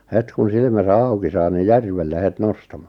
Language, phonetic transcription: Finnish, 'het kun 'silmäsä 'auki saa ni "järvelle 'het 'nostamᴀ .
- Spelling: heti kun silmänsä auki saa niin järvelle heti nostamaan

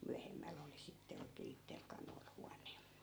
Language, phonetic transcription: Finnish, "myähemmäl ‿oli sitte 'oikee 'ittel kanoil 'huan̆ne .
- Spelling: myöhemmällä oli sitten oikein itsellä kanoilla huone

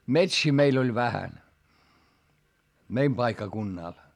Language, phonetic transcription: Finnish, metsii meil ‿oĺ vähän , meim paikkakunnàl .
- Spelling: metsiä meillä oli vähän meidän paikkakunnalla

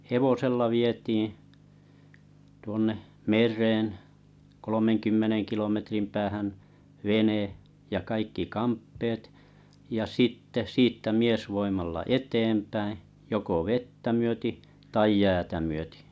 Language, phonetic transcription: Finnish, hevosella 'vietiiḭ , tuonneh "mer̆reen , 'kolomeŋkymmeneŋ 'kilometrim 'päähän , "vene , ja kaikki "kamppeet , ja "sitte , "siittä 'miesvoimalla "eteempäiḭ , joko "vettä myöti , taij "jäätä myötɪ . - - -
- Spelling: hevosella vietiin tuonne mereen kolmenkymmenen kilometrin päähän vene ja kaikki kamppeet ja sitten siitä miesvoimalla eteenpäin joko vettä myöten tai jäätä myöten

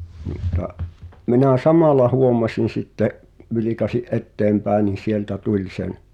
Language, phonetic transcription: Finnish, mutta , 'minä "samàl̆la 'huomasin̬ sitte’ , vilikasi’ "’etteempä̀en̆ nin̬ sieltä 'tuĺ sen ,.
- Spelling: mutta minä samalla huomasin sitten vilkaisin eteenpäin niin sieltä tuli sen

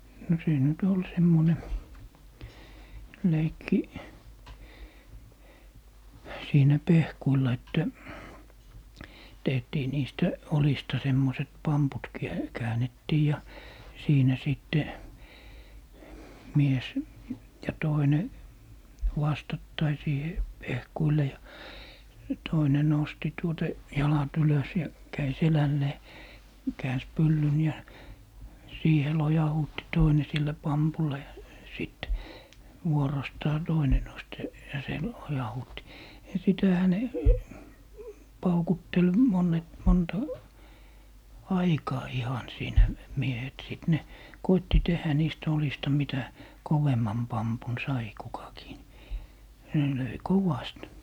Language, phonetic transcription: Finnish, no 'siin nyt ol 'semmone , 'leikki , 'siinä "pehkuilla että , 'tehtii 'niistä , "olista 'semmoⁱset "pamput kiä- , 'kääǹettii ja , 'siinä 'sìtte , 'mies , ja 'toine , 'vastattai siihe , "pehkuile ja , ja 'toine 'nosti tuota , 'jalat 'ylös ja , 'käi "selällee , 'kääns "pyllyn ja , 'siihe 'lojahuutti 'toine sillä "pampulla ja , 'sìt , 'vuorostaa "toine nost se , ja se , 'lojahuutti , ja 'sitähä ne , 'paukuttel 'moǹet- , 'monta , "aikaa 'ihan 'siinä , 'miehet sìt 'ne , 'koitti 'tehä 'niistᵃ̈ 'olista 'mitä , "kovemman 'pampun "sai 'kukakii ni , ne 'löi "kovast .
- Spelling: no siinä nyt oli semmoinen leikki siinä pehkuilla että tehtiin niistä oljista semmoiset pamput - käännettiin ja siinä sitten mies ja toinen vastakkain siihen pehkuille ja ja toinen nosti tuota jalat ylös ja kävi selälleen käänsi pyllyn ja siihen lojautti toinen sillä pampulla ja sitten vuorostaan toinen nosti sen ja se lojautti ja sitähän ne paukutteli - monta aikaa ihan siinä miehet sitten ne koetti tehdä niistä oljista mitä kovemman pampun sai kukakin niin ne löi kovasti

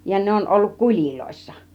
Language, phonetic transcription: Finnish, ja 'ne on olluk 'kul͕iloissa .
- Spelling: ja ne on ollut kuleissa

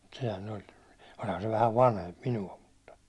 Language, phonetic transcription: Finnish, mut sehä'n ‿oĺ , oĺhan se vähäv "vanhemp 'minu₍a mutta .
- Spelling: mutta sehän oli olihan se vähän vanhempi minua mutta

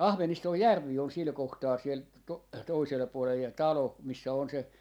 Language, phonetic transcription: Finnish, "Ahvenistoj "järvi on 'sil 'kohtaa siel to- , 'toisela puolej ja "talo , missä on se , .
- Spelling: Ahveniston järvi on sillä kohtaa siellä - toisella puolen ja talo missä on se

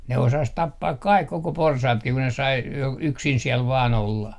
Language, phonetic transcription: Finnish, ne osas 'tappaak "kaik 'koko 'porsaatki ku ne sai , j - yksin 'siɛl vaa'n ‿olla .
- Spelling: ne osasi tappaa kai koko porsaatkin kun ne sai - yksin siellä vain olla

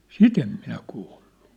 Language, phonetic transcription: Finnish, sit ‿em 'minä 'kuullᴜ .
- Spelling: sitä en minä kuullut

